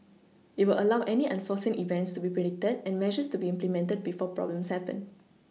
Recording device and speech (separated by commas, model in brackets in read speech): mobile phone (iPhone 6), read sentence